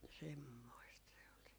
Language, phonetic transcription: Finnish, 'semmoist se ol se .
- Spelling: semmoista se oli se

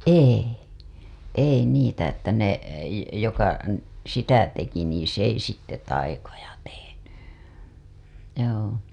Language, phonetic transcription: Finnish, ei , "ei 'niitä että ne , joka , n- , sitä teki nii 's ‿ei sitte 'taikoja teheny , joo .
- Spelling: ei ei niitä että ne joka - sitä teki niin se ei sitten taikoja tehnyt joo

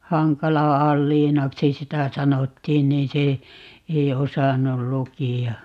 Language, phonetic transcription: Finnish, "Haŋkala 'Alliinaksi "sitä 'sanottiin niin̬ 'se , 'ei "osannul "luki₍a .
- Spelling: Hankalan Aliinaksi sitä sanottiin niin se ei osannut lukea

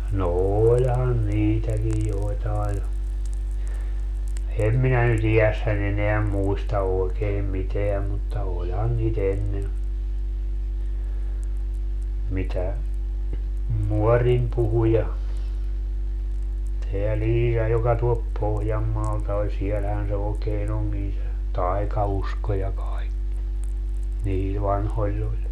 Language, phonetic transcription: Finnish, no "oĺhan 'niitäkij 'joetae ja , 'em minä ny't ‿ijässän ‿eneä "muista oekeem 'miteäm mutta 'oĺhan nii't ‿ennen , mitä , "muɔrim puhu ja , teä "Liija joka tuolp 'Pohjammaalta ol 'sielhän se ookee'n ‿oŋkin se , "tai̮kausko ja 'kaikki , niil 'vanhoĺĺ ‿oĺ .
- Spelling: no olihan niitäkin joitain ja en minä nyt iässäni enää muista oikein mitään mutta olihan niitä ennen mitä muorini puhui ja tämä Liija joka tuolta Pohjanmaalta oli siellähän se oikein onkin se taikausko ja kaikki niillä vanhoilla oli

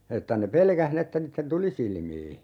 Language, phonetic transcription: Finnish, 'että ne "pelkäh ni että 'niitten "tuli 'silmii .
- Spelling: että ne pelkäsi niin että niiden tuli silmiin

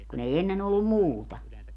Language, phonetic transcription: Finnish, kun ‿ei 'ennen ‿ollum "muuta .
- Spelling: kun ei ennen ollut muuta

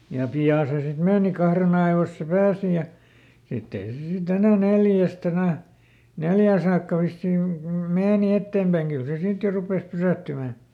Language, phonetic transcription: Finnish, ja ˈpi₍à se sit "meeni ˈkahren ‿aivoⁱs se "pääsi ja , ˈsitt ‿ei se siˈt ‿enä "neljäst ‿enä̀ , "neljää saakka ˈvissiiŋ (kyl) ˈmeeni ˈetteempäiŋ ˈkyl se ˈsit jo ˈrupès "pysä̀ttymä̀ .
- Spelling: ja pian se sitten meni kahden ajoissa se pääsi ja sitten ei se sitten enää neljästä enää neljään saakka vissiin kyllä meni eteenpäin kyllä se sitten jo rupesi pysähtymään

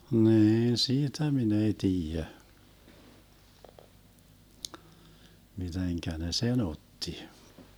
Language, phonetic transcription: Finnish, 'niin "siitä min ‿ei 'tiijä , 'miteŋkä 'ne "se'n ‿otti .
- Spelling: niin siitä minä ei tiedä miten ne sen otti

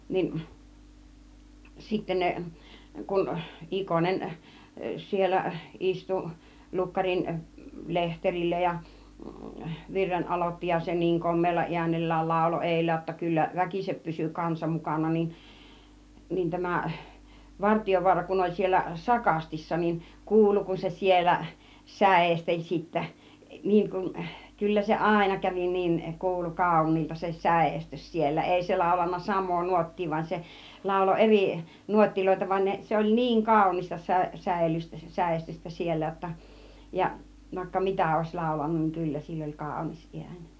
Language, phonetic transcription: Finnish, 'nin , 'sitte 'ne , 'kun , 'Ikonen , 'siellä , 'ˀistu , 'lukkarin , 'lehterillä ja , 'virren 'ˀalotti ja se 'niiŋ 'kom̆meella i̬änel̀lääl 'làulo 'èillä jotta kyllä , 'väkisep pysy 'kansa 'mukàna nin , nin 'tämä , 'Vartijovuara kun oĺ siellä "sakastissa nin , 'kuulu kun se "siellä , "sä̀esteĺ sittä , 'niiŋ kun , 'kyllä se "àena 'kävi niiŋ 'kuulu "kàȯǹiilta se "sä̀estys siellä , 'èi se 'làulanna 'sam̆moo 'nuot̀tii van 'se , 'làulo "erì , 'nuottiloita , van 'ne , 'se oĺ "niiŋ 'kàunista sä- 'sävellys- , 'säestystä 'siellä ʲotta , ja vàikka "mitä òis 'làulanun niŋ 'kyllä sill ‿oĺ "kàunis 'iäń .
- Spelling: niin sitten ne kun Ikonen siellä istui lukkarin lehterillä ja virren aloitti ja se niin komealla äänellään lauloi edellä jotta kyllä väkisin pysyi kansa mukana niin niin tämä Vartiovaara kun oli siellä sakastissa niin kuului kun se siellä säesteli sitten niin kuin kyllä se aina kävi niin kuului kauniilta se säestys siellä ei se laulanut samaa nuottia vaan se lauloi eri nuotteja vaan ne se oli niin kaunista - - säestystä siellä jotta ja vaikka mitä olisi laulanut niin kyllä sillä oli kaunis ääni

